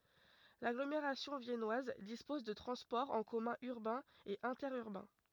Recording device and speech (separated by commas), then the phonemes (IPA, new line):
rigid in-ear microphone, read sentence
laɡlomeʁasjɔ̃ vjɛnwaz dispɔz də tʁɑ̃spɔʁz ɑ̃ kɔmœ̃ yʁbɛ̃z e ɛ̃tɛʁyʁbɛ̃